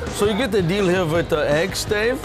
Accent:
german accent